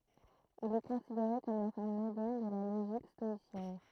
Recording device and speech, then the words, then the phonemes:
throat microphone, read sentence
Il est considéré comme la forme moderne de la logique stoïcienne.
il ɛ kɔ̃sideʁe kɔm la fɔʁm modɛʁn də la loʒik stɔisjɛn

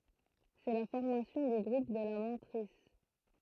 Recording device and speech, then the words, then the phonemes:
throat microphone, read sentence
C'est la formation du groupe de la mantrisse.
sɛ la fɔʁmasjɔ̃ dy ɡʁup də la mɑ̃tʁis

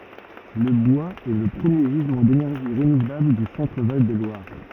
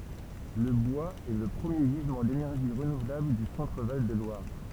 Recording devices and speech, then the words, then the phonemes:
rigid in-ear microphone, temple vibration pickup, read sentence
Le bois est le premier gisement d’énergie renouvelable du Centre-Val de Loire.
lə bwaz ɛ lə pʁəmje ʒizmɑ̃ denɛʁʒi ʁənuvlabl dy sɑ̃tʁ val də lwaʁ

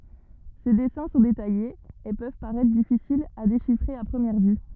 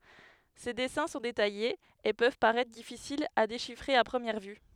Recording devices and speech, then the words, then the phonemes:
rigid in-ear microphone, headset microphone, read sentence
Ses dessins sont détaillés, et peuvent paraitre difficiles à déchiffrer à première vue.
se dɛsɛ̃ sɔ̃ detajez e pøv paʁɛtʁ difisilz a deʃifʁe a pʁəmjɛʁ vy

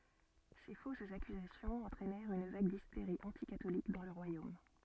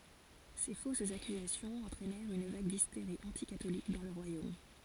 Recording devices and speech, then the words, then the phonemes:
soft in-ear microphone, forehead accelerometer, read sentence
Ces fausses accusations entraînèrent une vague d'hystérie anti-catholique dans le royaume.
se fosz akyzasjɔ̃z ɑ̃tʁɛnɛʁt yn vaɡ disteʁi ɑ̃tikatolik dɑ̃ lə ʁwajom

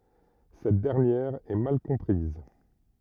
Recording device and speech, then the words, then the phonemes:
rigid in-ear microphone, read sentence
Cette dernière est mal comprise.
sɛt dɛʁnjɛʁ ɛ mal kɔ̃pʁiz

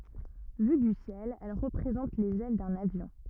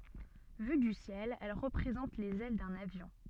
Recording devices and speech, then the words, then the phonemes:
rigid in-ear microphone, soft in-ear microphone, read sentence
Vue du ciel, elle représente les ailes de l'avion.
vy dy sjɛl ɛl ʁəpʁezɑ̃t lez ɛl də lavjɔ̃

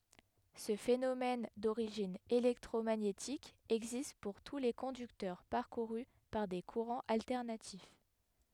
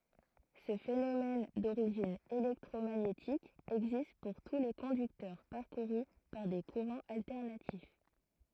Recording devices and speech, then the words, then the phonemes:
headset microphone, throat microphone, read sentence
Ce phénomène d'origine électromagnétique existe pour tous les conducteurs parcourus par des courants alternatifs.
sə fenomɛn doʁiʒin elɛktʁomaɲetik ɛɡzist puʁ tu le kɔ̃dyktœʁ paʁkuʁy paʁ de kuʁɑ̃z altɛʁnatif

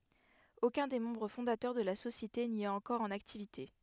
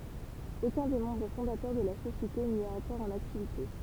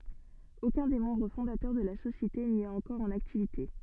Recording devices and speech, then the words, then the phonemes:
headset microphone, temple vibration pickup, soft in-ear microphone, read sentence
Aucun des membres fondateurs de la société n'y est encore en activité.
okœ̃ de mɑ̃bʁ fɔ̃datœʁ də la sosjete ni ɛt ɑ̃kɔʁ ɑ̃n aktivite

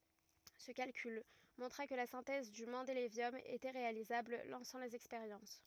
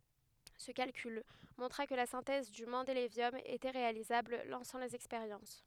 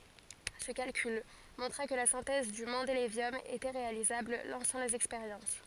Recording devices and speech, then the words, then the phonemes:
rigid in-ear microphone, headset microphone, forehead accelerometer, read sentence
Ce calcul montra que la synthèse du mendélévium était réalisable, lançant les expériences.
sə kalkyl mɔ̃tʁa kə la sɛ̃tɛz dy mɑ̃delevjɔm etɛ ʁealizabl lɑ̃sɑ̃ lez ɛkspeʁjɑ̃s

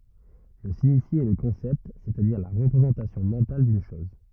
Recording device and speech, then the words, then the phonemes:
rigid in-ear microphone, read sentence
Le signifié est le concept, c'est-à-dire la représentation mentale d'une chose.
lə siɲifje ɛ lə kɔ̃sɛpt sɛstadiʁ la ʁəpʁezɑ̃tasjɔ̃ mɑ̃tal dyn ʃɔz

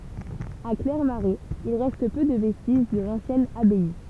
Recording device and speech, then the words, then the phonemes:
temple vibration pickup, read sentence
À Clairmarais, il reste peu de vestiges de l'ancienne abbaye.
a klɛʁmaʁɛz il ʁɛst pø də vɛstiʒ də lɑ̃sjɛn abaj

